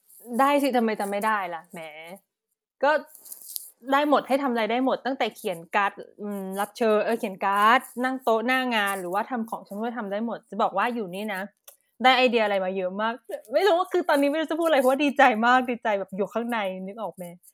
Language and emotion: Thai, happy